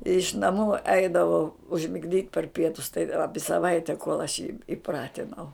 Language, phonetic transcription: Lithuanian, iš naˈmų ˈeidavau užmigˈdyt par ˈpietus tai ˈapi saˈvaite kol aš jį iˈpratinau

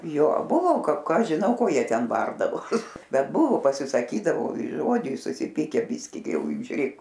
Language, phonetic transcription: Lithuanian, jo ˈbuvo ka ˈką ˈaš žiˈnau ˈko ˈjie ˈten ˈbardavos ˈbet ˈbuvu pasisaˈkydavo i ˈžodžiais susiˈpykę ˈbiski gi ˈjau žiuˈrėk

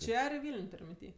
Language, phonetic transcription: Lithuanian, ˈčia ar i ˈvyl'n' ˈtur' minˈty

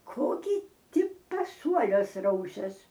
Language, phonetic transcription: Lithuanian, ˈko gi ˈti paˈsuoliuos ˈrausias

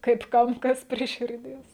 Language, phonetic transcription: Lithuanian, kaip ˈkam ˈkas prie širˈdies

